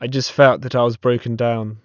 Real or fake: real